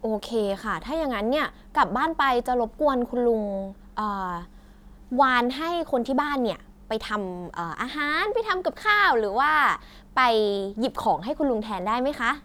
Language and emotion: Thai, happy